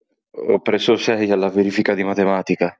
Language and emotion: Italian, sad